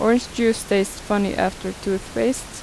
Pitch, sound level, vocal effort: 205 Hz, 81 dB SPL, normal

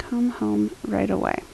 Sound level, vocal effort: 74 dB SPL, soft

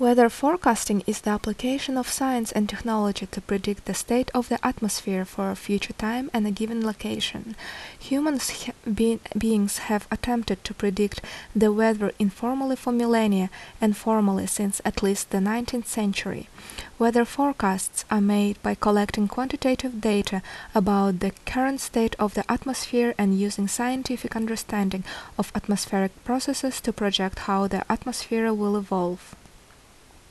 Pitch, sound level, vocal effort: 220 Hz, 74 dB SPL, normal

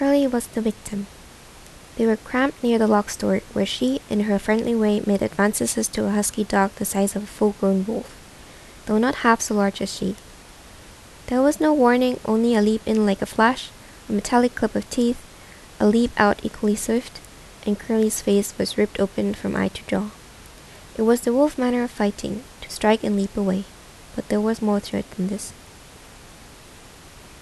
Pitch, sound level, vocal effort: 210 Hz, 77 dB SPL, soft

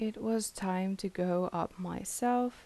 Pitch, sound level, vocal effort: 195 Hz, 79 dB SPL, soft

